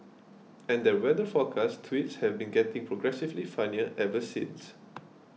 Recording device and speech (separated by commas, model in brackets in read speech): mobile phone (iPhone 6), read sentence